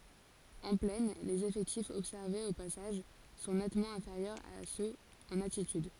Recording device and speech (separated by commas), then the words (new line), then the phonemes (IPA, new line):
forehead accelerometer, read sentence
En plaine, les effectifs observés au passage sont nettement inférieurs à ceux en altitude.
ɑ̃ plɛn lez efɛktifz ɔbsɛʁvez o pasaʒ sɔ̃ nɛtmɑ̃ ɛ̃feʁjœʁz a søz ɑ̃n altityd